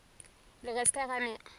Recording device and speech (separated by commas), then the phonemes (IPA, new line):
forehead accelerometer, read sentence
il ʁɛstɛʁt ami